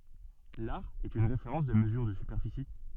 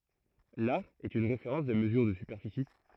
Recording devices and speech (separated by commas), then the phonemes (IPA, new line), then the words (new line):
soft in-ear microphone, throat microphone, read sentence
laʁ ɛt yn ʁefeʁɑ̃s də məzyʁ də sypɛʁfisi
L'are est une référence de mesure de superficie.